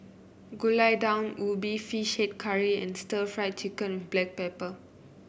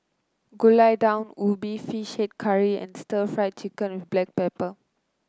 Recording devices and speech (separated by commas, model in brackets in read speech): boundary microphone (BM630), close-talking microphone (WH30), read sentence